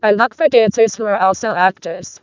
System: VC, vocoder